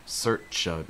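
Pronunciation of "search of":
In 'search of', the ch sound at the end of 'search' links to the o sound at the start of 'of'.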